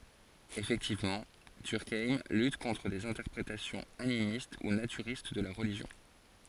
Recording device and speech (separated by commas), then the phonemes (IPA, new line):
forehead accelerometer, read sentence
efɛktivmɑ̃ dyʁkajm lyt kɔ̃tʁ dez ɛ̃tɛʁpʁetasjɔ̃z animist u natyʁist də la ʁəliʒjɔ̃